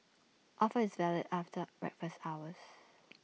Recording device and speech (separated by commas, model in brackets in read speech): mobile phone (iPhone 6), read sentence